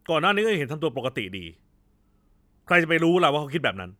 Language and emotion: Thai, angry